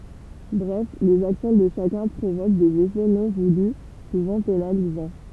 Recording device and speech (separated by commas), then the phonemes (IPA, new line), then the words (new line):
temple vibration pickup, read sentence
bʁɛf lez aksjɔ̃ də ʃakœ̃ pʁovok dez efɛ nɔ̃ vuly suvɑ̃ penalizɑ̃
Bref, les actions de chacun provoquent des effets non voulus, souvent pénalisants.